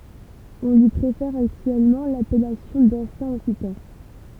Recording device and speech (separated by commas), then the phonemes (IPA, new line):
temple vibration pickup, read sentence
ɔ̃ lyi pʁefɛʁ aktyɛlmɑ̃ lapɛlasjɔ̃ dɑ̃sjɛ̃ ɔksitɑ̃